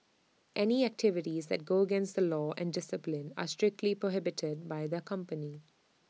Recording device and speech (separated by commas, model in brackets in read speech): mobile phone (iPhone 6), read sentence